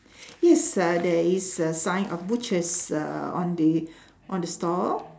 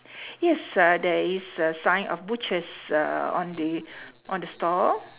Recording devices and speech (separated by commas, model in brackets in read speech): standing microphone, telephone, conversation in separate rooms